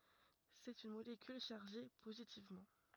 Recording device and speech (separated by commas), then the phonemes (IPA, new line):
rigid in-ear microphone, read sentence
sɛt yn molekyl ʃaʁʒe pozitivmɑ̃